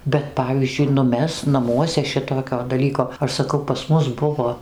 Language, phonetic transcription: Lithuanian, bet ˈpavyzdžiui nu ˈmes naˈmuose ˈšitokio daˈlyko ˈaš saˈkau pas ˈmus ˈbuvo

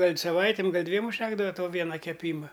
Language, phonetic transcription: Lithuanian, ˈgal' saˈvaitim ˈgal' ˈdviem užˈtekdava ˈto ˈviena keˈpyma

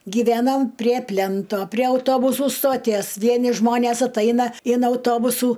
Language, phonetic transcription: Lithuanian, gyˈvænom prie ˈplænto prie auˈtobusu stoˈties ˈvieni ˈžmonės atˈaina in auˈtobusų

